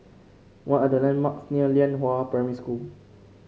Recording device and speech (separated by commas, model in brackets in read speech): mobile phone (Samsung C5), read sentence